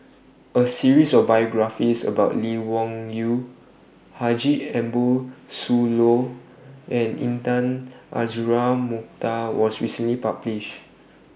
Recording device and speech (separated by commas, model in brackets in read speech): boundary microphone (BM630), read sentence